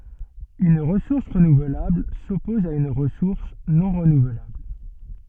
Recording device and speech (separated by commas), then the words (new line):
soft in-ear microphone, read sentence
Une ressource renouvelable s'oppose à une ressource non renouvelable.